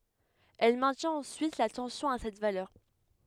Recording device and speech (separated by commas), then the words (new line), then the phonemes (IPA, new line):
headset microphone, read sentence
Elle maintient ensuite la tension à cette valeur.
ɛl mɛ̃tjɛ̃t ɑ̃syit la tɑ̃sjɔ̃ a sɛt valœʁ